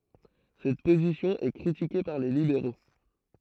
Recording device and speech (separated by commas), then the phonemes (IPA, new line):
throat microphone, read sentence
sɛt pozisjɔ̃ ɛ kʁitike paʁ le libeʁo